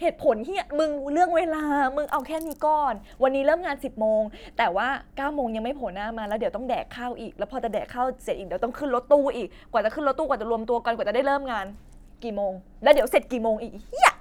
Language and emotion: Thai, frustrated